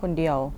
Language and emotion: Thai, frustrated